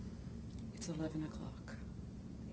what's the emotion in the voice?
neutral